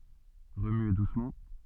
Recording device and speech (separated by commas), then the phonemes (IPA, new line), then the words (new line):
soft in-ear microphone, read sentence
ʁəmye dusmɑ̃
Remuer doucement.